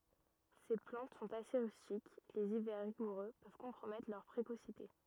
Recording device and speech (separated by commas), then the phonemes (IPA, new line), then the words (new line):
rigid in-ear microphone, read sentence
se plɑ̃t sɔ̃t ase ʁystik lez ivɛʁ ʁiɡuʁø pøv kɔ̃pʁomɛtʁ lœʁ pʁekosite
Ces plantes sont assez rustiques, les hivers rigoureux peuvent compromettre leur précocité.